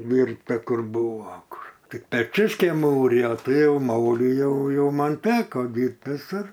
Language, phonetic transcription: Lithuanian, ˈdyrbta ˈkur ˈbūvo ˈkur ˈtik peˈčius ˈkei ˈmūrijo ˈtai ˈjau ˈmūrijau ˈjau ˈman ˈteko ˈdyrbt viˈsur

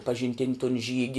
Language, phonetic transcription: Lithuanian, pažinˈtin' ton ˈžygi

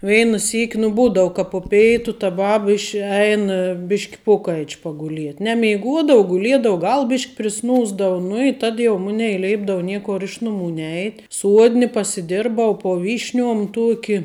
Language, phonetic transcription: Lithuanian, ˈveina ˈsyk' nu ˈbūdau ka po ˈpeitu ta ˈbaba iš ˈein ˈbišk' ˈpokaič paguˈliet' nemeiˈguodou guˈliedou ˈgal ˈbišk' priˈsnūsdavu nu i tad ˈmunei ˈleipdau ˈniekor ˈiš nuˌmų ˈneit' ˈsuodni pasiˈdirbau po ˈvyšˌniuom ˈtuoki

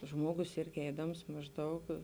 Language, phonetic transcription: Lithuanian, ˈžmuogus ˈirgi ˈeidams mažˈdaug

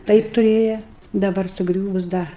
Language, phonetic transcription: Lithuanian, ˈtaip tuˈrėja daˈbar suˈgriūvus ˈda

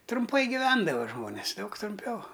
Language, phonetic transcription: Lithuanian, trumˈpai giˈvendava ˈžmonės ˈdaug trumˈpiau

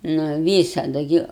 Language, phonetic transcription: Lithuanian, nu ˈvysadu ˈgi

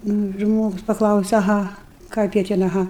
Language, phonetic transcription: Lithuanian, ˈnu ˈžmogus paˈklause aˈha ˈkaip jie ˈten aˈha

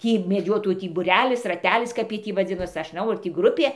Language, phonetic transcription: Lithuanian, ˈtį meˈdžiotojų tį buˈrelis raˈtelis ˈkap jiej ˈtį vaˈdzinos ˈaš nˈžnau ar tį ˈgrupė

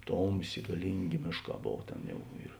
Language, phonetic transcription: Lithuanian, ˈtomˌsė gaˈlynˌgė ˈmėšˌkā ˈbov ˈtėn ˈjau ir

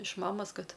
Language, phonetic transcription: Lithuanian, iš ˈmamos ˈkad

